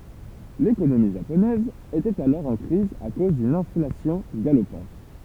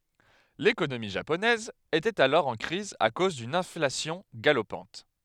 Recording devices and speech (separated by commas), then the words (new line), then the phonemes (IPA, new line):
temple vibration pickup, headset microphone, read sentence
L'économie japonaise était alors en crise à cause d'une inflation galopante.
lekonomi ʒaponɛz etɛt alɔʁ ɑ̃ kʁiz a koz dyn ɛ̃flasjɔ̃ ɡalopɑ̃t